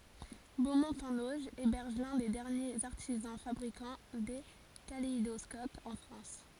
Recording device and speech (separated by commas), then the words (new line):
forehead accelerometer, read sentence
Beaumont-en-Auge héberge l'un des derniers artisans fabricant des kaléidoscopes en France.